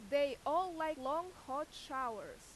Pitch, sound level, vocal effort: 300 Hz, 94 dB SPL, very loud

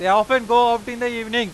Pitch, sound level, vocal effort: 240 Hz, 104 dB SPL, very loud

